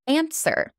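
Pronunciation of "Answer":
'Answer' is said with an American accent.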